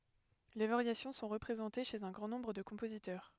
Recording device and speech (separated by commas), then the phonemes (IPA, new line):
headset microphone, read sentence
le vaʁjasjɔ̃ sɔ̃ ʁəpʁezɑ̃te ʃez œ̃ ɡʁɑ̃ nɔ̃bʁ də kɔ̃pozitœʁ